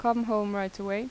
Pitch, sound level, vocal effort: 210 Hz, 85 dB SPL, normal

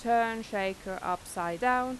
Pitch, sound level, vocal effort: 205 Hz, 90 dB SPL, normal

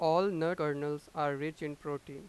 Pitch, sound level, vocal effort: 150 Hz, 95 dB SPL, loud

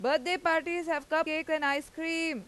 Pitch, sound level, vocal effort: 320 Hz, 95 dB SPL, very loud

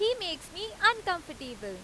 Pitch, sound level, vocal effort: 350 Hz, 94 dB SPL, very loud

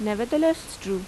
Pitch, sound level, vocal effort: 215 Hz, 85 dB SPL, normal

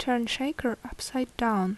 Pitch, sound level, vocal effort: 245 Hz, 72 dB SPL, soft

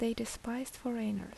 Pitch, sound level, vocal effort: 230 Hz, 72 dB SPL, soft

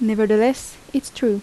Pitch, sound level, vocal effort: 230 Hz, 79 dB SPL, soft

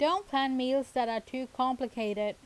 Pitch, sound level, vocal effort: 255 Hz, 89 dB SPL, loud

